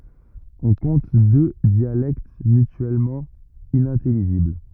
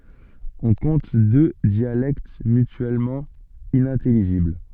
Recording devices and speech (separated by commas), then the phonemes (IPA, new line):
rigid in-ear microphone, soft in-ear microphone, read sentence
ɔ̃ kɔ̃t dø djalɛkt mytyɛlmɑ̃ inɛ̃tɛliʒibl